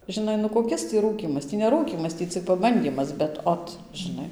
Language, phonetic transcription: Lithuanian, žiˈnai nu koˈkis tį ˈrūkymas ˈtį ne ˈrūkymas ˈtį cik paˈbandymas bet ˈot žiˈnai

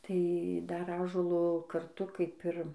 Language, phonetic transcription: Lithuanian, tai ˈdar ˈąžuolo karˈtu kaip ir

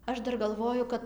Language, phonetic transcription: Lithuanian, ˈaš ˈdar galˈvoju ˈkad

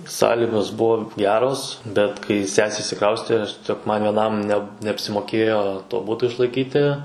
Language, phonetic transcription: Lithuanian, ˈsąligos ˈbuvo ˈgeros bet kai ˈsesė išsiˈkraustė aš tieˈsiog vieˈnam ne neapsimoˈkėjo to ˈbuto išlaiˈkyti

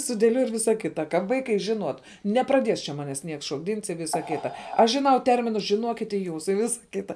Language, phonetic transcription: Lithuanian, sudėˈliuoj ir ˈvisa ˈkita ka ˈvaikai žiˈnuot nepraˈdies čia ˈmanes ˈnieks šokˈdyns i ˈvysa ˈkyta ˈaš žiˈnau ˈterminus žiˈnuokit i ˈjūs i ˈvisa ˈkita

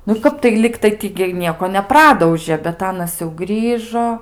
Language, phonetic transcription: Lithuanian, nu ˈkap ˈligtai ti gi i ˈnieko neˈpradaužė bet ˈanas jau ˈgrįžo

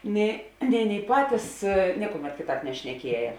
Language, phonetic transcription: Lithuanian, nė nei ˈaˌnėi ˈpatys ˈniekuˌmet ˈkėˌtāp nešneˈkieja

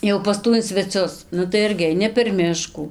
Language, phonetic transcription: Lithuanian, jau pas ˈtų in sveˈcius ˈnu tai ˈirgi aiˈni per ˈmiškų

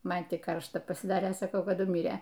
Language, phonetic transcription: Lithuanian, ˈman tik ˈkaršta pasiˈdarė saˈkau kaˈdu ˈmyrė

